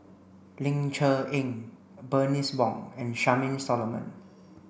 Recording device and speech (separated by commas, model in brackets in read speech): boundary microphone (BM630), read sentence